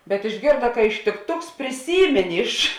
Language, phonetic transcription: Lithuanian, bet išˈgėrda ka ištikˈtuks priˈsymėnė iš

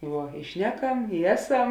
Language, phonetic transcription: Lithuanian, ˈvuo i ˈšneˌkam i ˈeˌsam

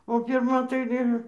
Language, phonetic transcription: Lithuanian, o pirˈma tai ˈvien

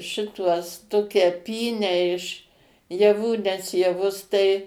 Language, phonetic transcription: Lithuanian, ˈšituos ˈtokia ˈpynę iš jaˈvų nes jaˈvus tai

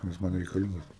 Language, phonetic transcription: Lithuanian, jis ˈman reikaˈlingas

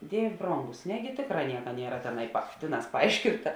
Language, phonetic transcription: Lithuanian, ˈdievė ˈbrongus ˈnegi ˈtėkˌrā ˈnieka ˈniera ˈteˌnai pa ˈtėˌnās paˈaiškinta

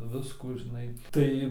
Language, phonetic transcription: Lithuanian, ˈviskų žiˈnai ˈtai

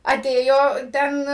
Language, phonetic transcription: Lithuanian, aˈtėjo ˈten

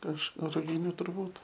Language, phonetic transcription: Lithuanian, kaž ruˈginių turˈbūt

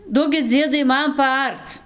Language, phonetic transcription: Lithuanian, ˈduokit ˈdziedai ˈman paˈarc

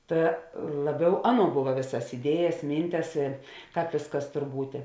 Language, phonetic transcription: Lithuanian, ˈta ˈlaˌbiau ˈaˌnuo ˈbuva ˈvėsas iˈdiejas ˈmyntes i ˈkāp ˈvėsˌkas ˈtor ˈbūtė

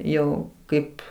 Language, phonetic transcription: Lithuanian, ˈjau ˈkaip

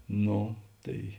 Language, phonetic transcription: Lithuanian, ˈnu ˈtai

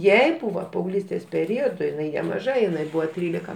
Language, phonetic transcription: Lithuanian, ˈjai ˈbūva paauˈglystės peˈriodu jiˈnai nemaˈža jiˈnai ˈbūva ˈtrylika

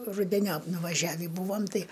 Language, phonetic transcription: Lithuanian, rudeˈniop nuvaˈžiavį ˈbūvam ˈtai

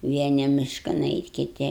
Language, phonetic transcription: Lithuanian, ˈvieni ˈmiškan ˈeit' kiˈti

